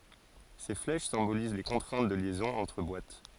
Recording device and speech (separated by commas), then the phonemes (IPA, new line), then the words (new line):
forehead accelerometer, read sentence
se flɛʃ sɛ̃boliz le kɔ̃tʁɛ̃t də ljɛzɔ̃z ɑ̃tʁ bwat
Ces flèches symbolisent les contraintes de liaisons entre boîtes.